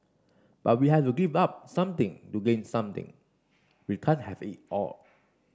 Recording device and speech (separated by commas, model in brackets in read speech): standing microphone (AKG C214), read sentence